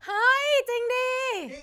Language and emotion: Thai, happy